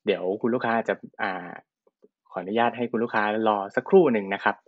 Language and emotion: Thai, neutral